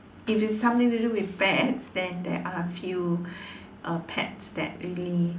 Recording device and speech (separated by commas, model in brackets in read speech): standing microphone, conversation in separate rooms